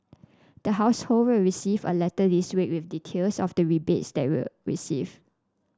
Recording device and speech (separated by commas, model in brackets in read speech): standing microphone (AKG C214), read sentence